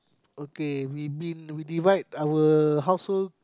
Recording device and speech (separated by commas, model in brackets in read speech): close-talking microphone, conversation in the same room